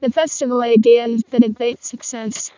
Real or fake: fake